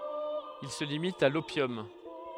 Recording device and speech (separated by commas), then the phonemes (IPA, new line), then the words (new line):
headset microphone, read sentence
il sə limit a lopjɔm
Il se limite à l'opium.